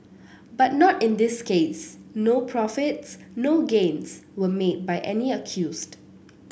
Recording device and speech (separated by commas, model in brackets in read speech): boundary microphone (BM630), read sentence